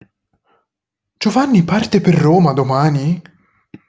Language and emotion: Italian, surprised